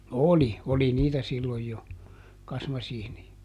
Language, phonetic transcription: Finnish, "oli , ˈoli niitä ˈsilloj jo , ˈkasmasiini₍a .
- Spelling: oli oli niitä silloin jo kasmasiineja

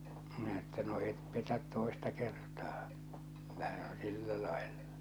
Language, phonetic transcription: Finnish, minä että no 'et 'petät "tòesta kertaa , kyllä se on "sillä làellᴀ .
- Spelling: minä että no et petä toista kertaa kyllä se on sillä lailla

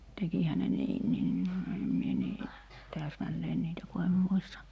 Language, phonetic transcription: Finnish, tekihä ne 'niinniin , em mie nii , 'tääsmälleen niitä ku em 'muista .
- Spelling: tekihän ne niinkin en minä niin täsmälleen niitä kun en muista

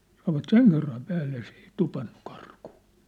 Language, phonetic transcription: Finnish, sanovat "seŋ kerram 'päälle s ‿ei 'tupannu 'karkᴜᴜ .
- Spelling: sanoivat sen kerran päälle se ei tupannut karkuun

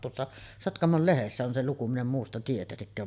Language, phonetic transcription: Finnish, tuossa , 'Sotkamol 'Lehessä on se 'luku , min ‿em muusta 'tietäsikkää .
- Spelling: tuossa Sotkamon Lehdessä on se luku minä en muusta tietäisikään

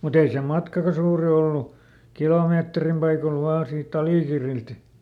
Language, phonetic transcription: Finnish, mut ‿ei se "matkaka ˈsuuri ollu , ˈkilòmeetrim paikol ˈvaa sii"t ‿Alìkirrilt .
- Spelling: mutta ei se matkakaan suuri ollut kilometrin paikoilla vain siitä Alikirriltä

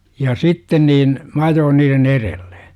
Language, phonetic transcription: Finnish, ja 'sitten niin , 'm ‿ajoon niiren "erelLE .
- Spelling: ja sitten niin minä ajoin niiden edelle

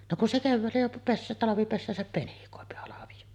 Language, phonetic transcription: Finnish, no kun se 'kevväällä jo pes- , "talavipessääsäp 'penikòepi halaviʲo .
- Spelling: no kun se keväällä jo - talvipesäänsä penikoi halvio

